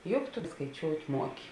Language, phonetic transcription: Lithuanian, ˈjuk tu skaiˈčiout' ˈmuoki

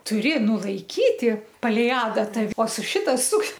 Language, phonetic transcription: Lithuanian, tuˈri nulaiˈkyti paˈlei ˈadata o su ˈšita suk

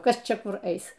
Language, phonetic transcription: Lithuanian, ˈkas ˈčia ˈkur ˈeis

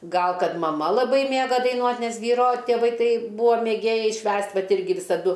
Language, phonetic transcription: Lithuanian, ˈgal ˈkad maˈma laˈbai ˈmėga daiˈnuot' ˈnes ˈvyro tėˈvai ˈtai ˈbūa mėˈgėjai ˈšvęst' ˈvat ˈirgi visaˈdu

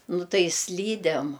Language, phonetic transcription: Lithuanian, ˈnu ˈtai ˈslydem

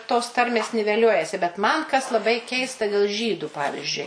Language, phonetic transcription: Lithuanian, tos ˈtarmės niveˈliuojasi bet man kas laˈbai ˈkeista del ˈžydu ˈpavizdžiui

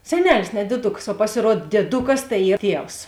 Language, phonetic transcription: Lithuanian, seˈnelis ne dieˈduks o pasiˈruod dieˈdukas tai ˈy ˈtievs

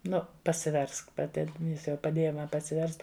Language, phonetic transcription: Lithuanian, ˈnu pasiˈversk paˈti ˈjis jau paˈdėja ˈma pasiˈverst

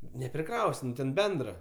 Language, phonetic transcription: Lithuanian, nepriˈkraus' ˈnu ten ˈbendra

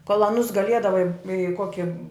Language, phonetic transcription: Lithuanian, kol aˈnus gaˈliedavai i ˈkoki

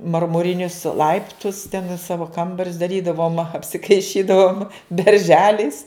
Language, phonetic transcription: Lithuanian, marmuˈrinius ˈlaiptus ten i ˈsavo ˈkambarius daˈrydavom apsikaiˈšydavom berˈželiais

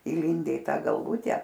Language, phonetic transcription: Lithuanian, įˈlinde i ˈta galˈvute

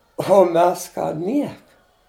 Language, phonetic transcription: Lithuanian, o ˈmes ˈką ˈnieka

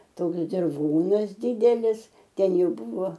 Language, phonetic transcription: Lithuanian, ˈtoks dirˈvonas ˈdidelis ˈten ˈjau ˈbuvo

